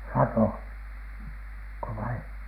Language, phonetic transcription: Finnish, latò , -ko vai ?
- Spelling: - latoko vai

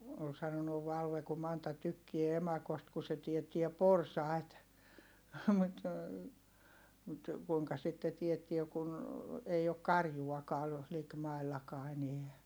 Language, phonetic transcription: Finnish, ol sanonuv Valve ku Manta tykkie emakost ku se tiettiɛ porsài̮t , mut , kuiŋka sitte tiettie kun , ei ok karjuakaa , likmai̮llakaa eneä .
- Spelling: oli sanonut Valve kun Manta tykkää emakosta kun se teettää porsaita mutta kuinka sitten teettää kun ei ole karjuakaan likimaillakaan enää

